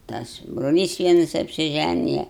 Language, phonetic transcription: Lithuanian, ˈtas broˈlys ˈvienas apsiˈžænija

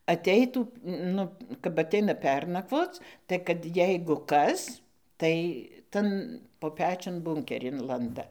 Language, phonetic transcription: Lithuanian, aˈteitų ˈnu kap aˈteina ˈpernakvoc tai kad ˈjeigu ˈkas tai ˈtan po ˈpečiun ˈbunkerin ˈlanda

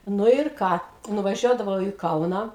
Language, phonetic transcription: Lithuanian, ˈnu ir ˈką nuvaˈžiuodavau į ˈkauną

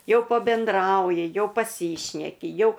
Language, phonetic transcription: Lithuanian, ˈjau pabenˈdrauji ˈjau paˈsyšneki ˈjau

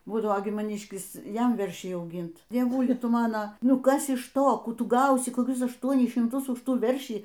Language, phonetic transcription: Lithuanian, ˈbūdavo gi maˈnyškis ˈjam ˈveršiai auˈgint dieˈvuli ˈtu ˈmano ˈnu ˈkas iš ˈto ˈkų ˈtu ˈgausi koˈkius ašˈtuonis šimˈtus už ˈtų ˈveršį

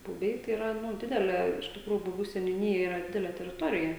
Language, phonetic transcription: Lithuanian, buˈbiai tai iˈra ˈnu ˈdidelė iš tikˈrųju buˈbių seniuˈnyja ˈyra ˈdidelė teriˈtorija

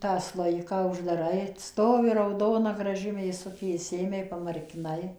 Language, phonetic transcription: Lithuanian, tą ˈslojiką uždaˈrai ˈstovi rauˈdona graˈži mėˈsukė išˈsijėmei pamarkiˈnai

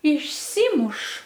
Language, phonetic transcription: Lithuanian, išˈsymuš

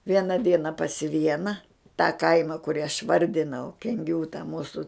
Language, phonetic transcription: Lithuanian, ˈviena ˈdiena pas ˈviena tą ˈkaima kuˈrį aš ˈvardinau kenˈgių ta ˈmūsu

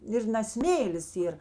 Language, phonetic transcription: Lithuanian, ˈir na ˈsmėlis ˈyr

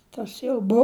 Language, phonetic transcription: Lithuanian, ˈtas jau ˈbu

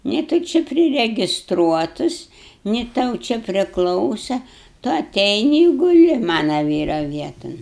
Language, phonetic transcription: Lithuanian, ni tu ˈči priregisˈtruotus ni ˈtau čia priˈklausa tu aˈteini i guˈli ˈmana ˈvyra ˈvieton

